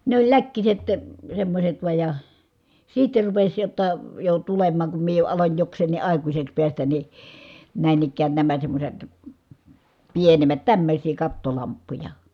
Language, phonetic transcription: Finnish, ne ‿oĺ läkkiset , semmośet vuaj ja , siitte rupeś jotta , jo tulem̆maaŋ kum mie jo aloń joks̀eenni ʼàikuśeks piästän ni , nä̀in ‿ikkään nämä semmośet , pienem̀ät , tämmöśii kattolamppuja .
- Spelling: ne oli läkkiset semmoiset vain ja sitten rupesi jotta jo tulemaan kun minä jo aloin jokseenkin aikuiseksi päästä niin näin ikään nämä semmoiset pienemmät tämmöisiä kattolamppuja

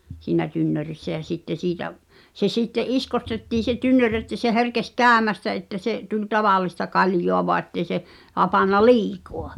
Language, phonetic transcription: Finnish, siinä 'tynnörissä ja sitte 'siitä’ , se 'sitte’ "’iskostettii se 'tynnör että se 'herkes "käämästä että 'se’ , tuĺ "taval̆lista 'kaljoa voa ᵉttei̬ se , 'hapanna "liikoa .
- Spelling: siinä tynnyrissä ja sitten siitä se sitten iskotettiin se tynnyri että se herkesi käymästä että se tuli tavallista kaljaa vain että ei se hapantunut liikaa

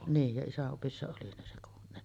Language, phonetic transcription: Finnish, 'niij ja 'isä’ ’opissa oli nin se .
- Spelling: niin ja isän opissa oli niin se

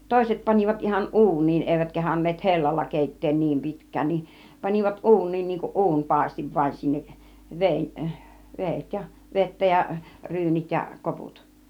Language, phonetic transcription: Finnish, 'tòiset 'pan͕ivat ihan "ˀu̬un̆niin , '’èivät 'kehaǹneet "hellalla 'kèitteen niim 'pitk̆kään niin̬ , 'panivat "ˀu̬un̆niin niiŋkuˀ "ˀu̬unpàistiv vaⁱn sinneˀ 'veeⁱn , 'veet , 'vettä ja , "ryynit ja , "koput .
- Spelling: toiset panivat ihan uuniin eivät kehdanneet hellalla keittää niin pitkään niin panivat uuniin niin kuin uunipaistin vain sinne veden vedet vettä ja ryynit ja koput

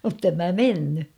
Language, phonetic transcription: Finnish, muttem mä "menny .
- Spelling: mutta en minä mennyt

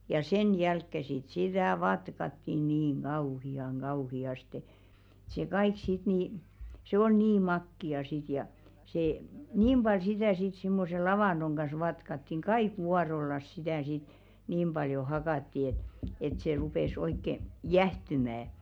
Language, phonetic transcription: Finnish, ja "sen 'jälkke sit sitä̀ "vatkatti niiŋ 'ɢauhi₍aŋ 'ɢauhi₍aste , ᴱt se "kaik sit nì , se 'ol "nii 'makki₍a sit ja , see , 'niim ʙal 'sitä̀ sit simmose "lavànᴅoŋ ɢas 'vatkattiᵑ "kaik 'wuarollas sitä̀ sit , 'niim ʙaljo 'hakatti et , et se 'rupes oikke , "jähtymä .
- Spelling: ja sen jälkeen sitten sitä vatkattiin niin kauhean kauheasti että se kaikki sitten niin se oli niin makeaa sitten ja se niin paljon sitä sitten semmoisen lavannon kanssa vatkattiin kaikki vuorollansa sitä sitten niin paljon hakattiin että että se rupesi oikein jäähtymään

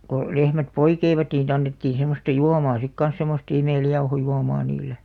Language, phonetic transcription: Finnish, ko , 'lehmät "poikeivat nii (si)'t ‿annettiin semmosta "juamaa sik 'kans semost 'imèljauhojuomaa niil̆§le .
- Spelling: kun lehmät poikivat niin siitä annettiin semmoista juomaa sitten kanssa semmoista imeljauhojuomaa niille

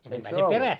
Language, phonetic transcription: Finnish, eik se "ollut ?
- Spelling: eikä se ollut

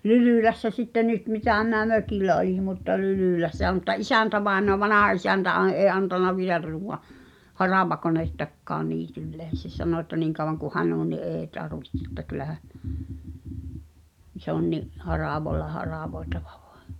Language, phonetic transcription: Finnish, Lylỳlässä sitte "nyt mitä̀ miⁿä "mökìlä oli mutta 'Lylỳlässä̀ mᵘtta "’isäntävaenoa "vanaha₍isäntä à- "ee antana 'vielä (t)uuw̆wa , "haràvakonèttakkaan 'niitylleen̬ se sano ᵉtta̳ 'niiŋ kauvaŋ ku "hän ‿on ni 'ee tarvihte ‿ttä kylähä , se ‿on ni’ , 'haràv(o)ĺla 'haràvoi̬taᴠᴀ ᴠᴏᴀ .
- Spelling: Lylylässä sitten nyt mitä minä mökillä olin mutta Lylylässä mutta isäntävainaja vanhaisäntä - ei antanut vielä tuoda haravakonettakaan niitylleen se sanoi että niin kauan kuin hän on niin ei tarvitse että kyllähän se on niin haravalla haravoitava vain

